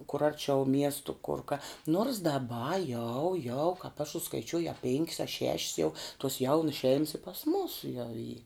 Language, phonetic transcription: Lithuanian, kur ˈarčiau ˈmiestu kur ka nors daˈba jau jau kāp aš suskaiˈčiuoj a pėnk's a šeš's jau tuos ˈjaunus šeims i pas ˈmūsu jau y

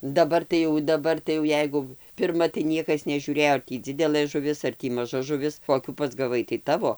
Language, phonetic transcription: Lithuanian, daˈbar tai ˈjau daˈbar tai jau ˈjeigu pirˈma tai ˈniekas nežiūˈrėjo ar ˈtį ˈdzidelɘ žuˈ vis ar ˈtį maˈža žuˈvis ˈkokių pasgaˈvai tai ˈtavo

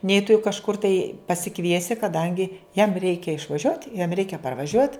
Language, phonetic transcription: Lithuanian, nei tu ju kažˈkur tai pasiˈkviesi kaˈdangi jam ˈreikia išvaˈžiuot' jam ˈreikia parvaˈžiuot'

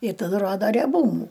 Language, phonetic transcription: Lithuanian, i taˈdu ˈroda reˈbūmų

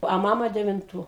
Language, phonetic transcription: Lithuanian, a ˈmama devinˈtų

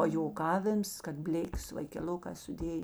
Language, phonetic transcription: Lithuanian, pajoˈkavims kad ˈblėkės vaikeˈlukā suˈdėj

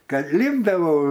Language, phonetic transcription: Lithuanian, ˈka ˈlipdavau

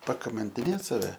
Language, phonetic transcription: Lithuanian, pakamantiˈnėt saˈve

